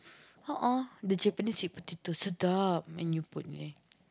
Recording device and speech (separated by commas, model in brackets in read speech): close-talking microphone, conversation in the same room